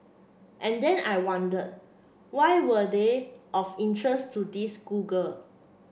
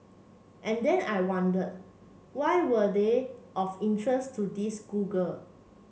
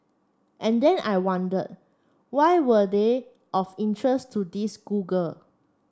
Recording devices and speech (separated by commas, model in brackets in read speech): boundary microphone (BM630), mobile phone (Samsung C7), standing microphone (AKG C214), read sentence